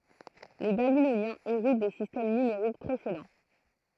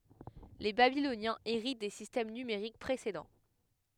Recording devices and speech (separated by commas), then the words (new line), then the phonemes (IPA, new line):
throat microphone, headset microphone, read sentence
Les Babyloniens héritent des systèmes numériques précédents.
le babilonjɛ̃z eʁit de sistɛm nymeʁik pʁesedɑ̃